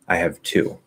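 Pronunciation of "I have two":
In "I have two", "two" is the big focus and stands out, and the voice drops at the end of this basic statement.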